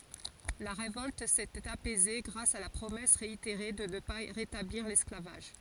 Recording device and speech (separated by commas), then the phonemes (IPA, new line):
forehead accelerometer, read sentence
la ʁevɔlt setɛt apɛze ɡʁas a la pʁomɛs ʁeiteʁe də nə pa ʁetabliʁ lɛsklavaʒ